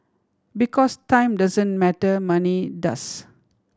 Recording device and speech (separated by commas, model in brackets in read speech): standing microphone (AKG C214), read sentence